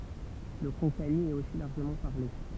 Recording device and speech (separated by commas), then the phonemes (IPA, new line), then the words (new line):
temple vibration pickup, read sentence
lə kɔ̃kani ɛt osi laʁʒəmɑ̃ paʁle
Le konkani est aussi largement parlé.